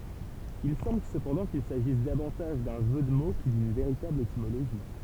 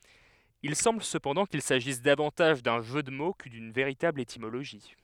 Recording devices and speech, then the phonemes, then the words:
temple vibration pickup, headset microphone, read sentence
il sɑ̃bl səpɑ̃dɑ̃ kil saʒis davɑ̃taʒ dœ̃ ʒø də mo kə dyn veʁitabl etimoloʒi
Il semble cependant qu'il s'agisse davantage d'un jeu de mots que d'une véritable étymologie.

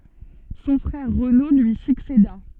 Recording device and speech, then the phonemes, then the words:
soft in-ear microphone, read sentence
sɔ̃ fʁɛʁ ʁəno lyi sykseda
Son frère Renaud lui succéda.

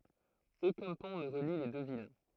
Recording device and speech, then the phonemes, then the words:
throat microphone, read sentence
okœ̃ pɔ̃ nə ʁəli le dø vil
Aucun pont ne relie les deux villes.

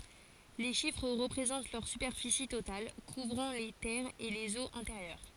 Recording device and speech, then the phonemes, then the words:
forehead accelerometer, read sentence
le ʃifʁ ʁəpʁezɑ̃t lœʁ sypɛʁfisi total kuvʁɑ̃ le tɛʁz e lez oz ɛ̃teʁjœʁ
Les chiffres représentent leur superficie totale, couvrant les terres et les eaux intérieures.

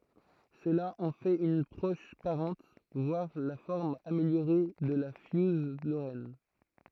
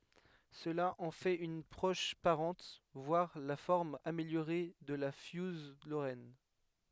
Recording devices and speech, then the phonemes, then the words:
throat microphone, headset microphone, read sentence
səla ɑ̃ fɛt yn pʁɔʃ paʁɑ̃t vwaʁ la fɔʁm ameljoʁe də la fjuz loʁɛn
Cela en fait une proche parente, voire la forme améliorée de la fiouse lorraine.

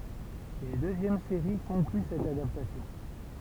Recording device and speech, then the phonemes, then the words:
temple vibration pickup, read sentence
yn døzjɛm seʁi kɔ̃kly sɛt adaptasjɔ̃
Une deuxième série conclut cette adaptation.

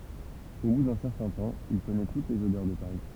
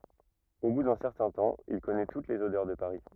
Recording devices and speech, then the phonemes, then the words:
temple vibration pickup, rigid in-ear microphone, read sentence
o bu dœ̃ sɛʁtɛ̃ tɑ̃ il kɔnɛ tut lez odœʁ də paʁi
Au bout d'un certain temps, il connaît toutes les odeurs de Paris.

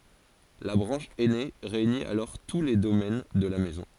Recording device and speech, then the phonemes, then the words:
forehead accelerometer, read sentence
la bʁɑ̃ʃ ɛne ʁeyni alɔʁ tu le domɛn də la mɛzɔ̃
La branche aînée réunit alors tous les domaines de la Maison.

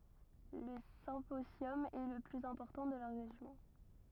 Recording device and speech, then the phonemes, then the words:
rigid in-ear microphone, read sentence
lə sɛ̃pozjɔm ɛ lə plyz ɛ̃pɔʁtɑ̃ də la ʁeʒjɔ̃
Le symposium est le plus important de la région.

